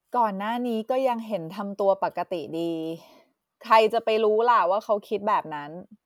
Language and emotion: Thai, frustrated